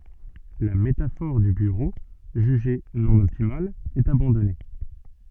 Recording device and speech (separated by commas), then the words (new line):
soft in-ear microphone, read sentence
La métaphore du bureau, jugée non optimale, est abandonnée.